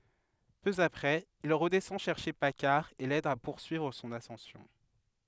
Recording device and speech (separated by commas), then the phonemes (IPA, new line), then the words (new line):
headset microphone, read sentence
pø apʁɛz il ʁədɛsɑ̃ ʃɛʁʃe pakaʁ e lɛd a puʁsyivʁ sɔ̃n asɑ̃sjɔ̃
Peu après, il redescend chercher Paccard et l’aide à poursuivre son ascension.